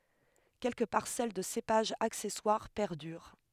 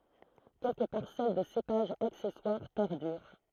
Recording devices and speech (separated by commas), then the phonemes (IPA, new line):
headset microphone, throat microphone, read sentence
kɛlkə paʁsɛl də sepaʒz aksɛswaʁ pɛʁdyʁ